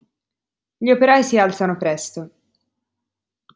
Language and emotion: Italian, neutral